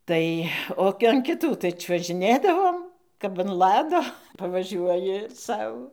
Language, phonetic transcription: Lithuanian, ˈtai ˈo an kiˈtų tai čiuožiˈnėdavom kap an ˈlado pavaˈžiuoji ˈsau

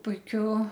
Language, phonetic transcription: Lithuanian, puiˈkiu

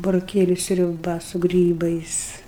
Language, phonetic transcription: Lithuanian, buroˈkėliu sriuˈba su ˈgrybais

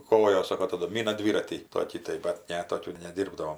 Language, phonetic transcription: Lithuanian, ˈkojos ˈsoko taˈdu ˈmyna ˈdvyratį ˈtokį tai bat ˈne ˈtokių neˈdyrbdavom

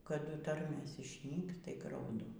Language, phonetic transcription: Lithuanian, kaˈdu ˈtarmės išˈnyks tai grauˈdu

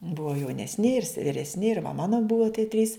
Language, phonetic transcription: Lithuanian, ˈbuva jaunesˈni ir se viresˈni ir va ˈmano ˈbuo tie trys

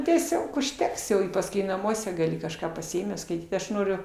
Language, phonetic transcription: Lithuanian, tieˈsiog užˈteks jau i pasˈkui naˈmuose gaˈli kažˈką pasiˈėmęs skaiˈtyt ˈaš ˈnoriu

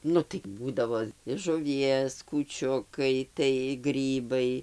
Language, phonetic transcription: Lithuanian, ˈnu tai ˈbūdavo iš žuˈvies kūˈčiukai tai ˈgrybai

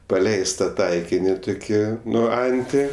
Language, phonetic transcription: Lithuanian, paˈleista ˈtaikini ˈtuki ˈnu ˈanti

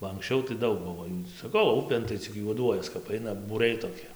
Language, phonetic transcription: Lithuanian, ba anksˈčiau tai ˈdaug ˈbuvo jų saˈkau ˈupėn tai cik juoˈduojas kap ˈaina būˈriai toˈki

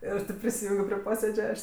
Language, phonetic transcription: Lithuanian, ˈir tėp prisiˈjūngio pri ˈposėdže ˈaš

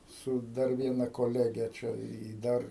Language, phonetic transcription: Lithuanian, ˈsu ˈdar ˈviena koˈlege ˈčia i ˈdar

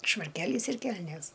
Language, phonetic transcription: Lithuanian, švarˈkelys ir ˈkelnės

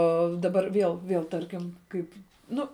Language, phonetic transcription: Lithuanian, ˈo daˈbar ˈviel ˈviel ˈtarkim ˈkaip ˈnu

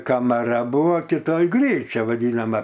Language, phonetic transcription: Lithuanian, kamaˈra ˈbuvo kiˈtoj ˈgryčia vaˈdynama

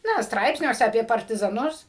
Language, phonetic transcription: Lithuanian, ˈna ˈstraipsniuose apie partizaˈnus

